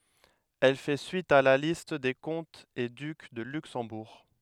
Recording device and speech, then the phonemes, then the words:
headset microphone, read sentence
ɛl fɛ syit a la list de kɔ̃tz e dyk də lyksɑ̃buʁ
Elle fait suite à la liste des comtes et ducs de Luxembourg.

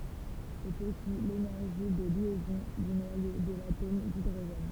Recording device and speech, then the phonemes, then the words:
temple vibration pickup, read sentence
sɛt osi lenɛʁʒi də ljɛzɔ̃ dy nwajo də latom didʁoʒɛn
C'est aussi l'énergie de liaison du noyau de l'atome d'hydrogène.

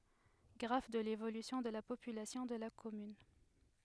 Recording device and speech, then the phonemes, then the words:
headset microphone, read sentence
ɡʁaf də levolysjɔ̃ də la popylasjɔ̃ də la kɔmyn
Graphe de l'évolution de la population de la commune.

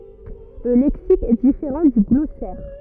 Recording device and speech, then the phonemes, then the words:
rigid in-ear microphone, read sentence
lə lɛksik ɛ difeʁɑ̃ dy ɡlɔsɛʁ
Le lexique est différent du glossaire.

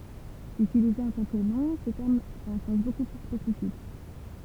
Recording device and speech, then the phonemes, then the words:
temple vibration pickup, read sentence
ytilize ɑ̃ tɑ̃ kə nɔ̃ sə tɛʁm pʁɑ̃t œ̃ sɑ̃s boku ply spesifik
Utilisé en tant que nom, ce terme prend un sens beaucoup plus spécifique.

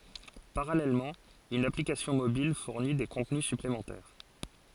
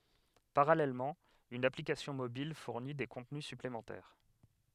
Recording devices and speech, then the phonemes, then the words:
forehead accelerometer, headset microphone, read sentence
paʁalɛlmɑ̃ yn aplikasjɔ̃ mobil fuʁni de kɔ̃tny syplemɑ̃tɛʁ
Parallèlement, une application mobile fournit des contenus supplémentaires.

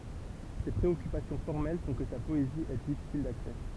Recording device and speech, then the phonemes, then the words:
temple vibration pickup, read sentence
se pʁeɔkypasjɔ̃ fɔʁmɛl fɔ̃ kə sa pɔezi ɛ difisil daksɛ
Ses préoccupations formelles font que sa poésie est difficile d'accès.

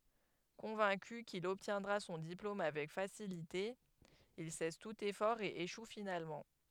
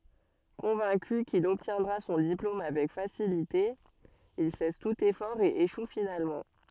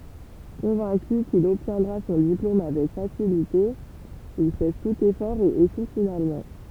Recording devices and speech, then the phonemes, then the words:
headset microphone, soft in-ear microphone, temple vibration pickup, read sentence
kɔ̃vɛ̃ky kil ɔbtjɛ̃dʁa sɔ̃ diplom avɛk fasilite il sɛs tut efɔʁ e eʃu finalmɑ̃
Convaincu qu'il obtiendra son diplôme avec facilité, il cesse tout effort et échoue finalement.

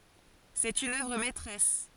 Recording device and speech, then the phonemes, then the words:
forehead accelerometer, read sentence
sɛt yn œvʁ mɛtʁɛs
C'est une œuvre maîtresse.

